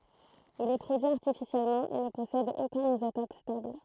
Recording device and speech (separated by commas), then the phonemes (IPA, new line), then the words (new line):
throat microphone, read sentence
il ɛ pʁodyi aʁtifisjɛlmɑ̃ e nə pɔsɛd okœ̃n izotɔp stabl
Il est produit artificiellement et ne possède aucun isotope stable.